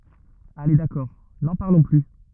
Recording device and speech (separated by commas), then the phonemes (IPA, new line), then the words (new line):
rigid in-ear microphone, read sentence
ale dakɔʁ nɑ̃ paʁlɔ̃ ply
Allez d’accord, n’en parlons plus.